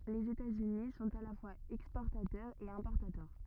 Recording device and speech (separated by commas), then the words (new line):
rigid in-ear microphone, read sentence
Les États-Unis sont à la fois exportateurs et importateurs.